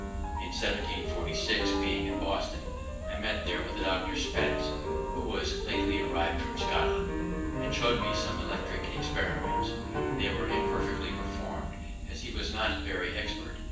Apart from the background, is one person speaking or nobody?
One person.